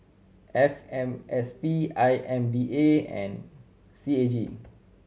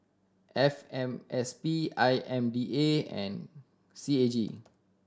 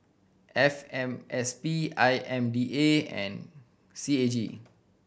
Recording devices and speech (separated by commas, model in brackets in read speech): mobile phone (Samsung C7100), standing microphone (AKG C214), boundary microphone (BM630), read sentence